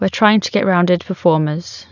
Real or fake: real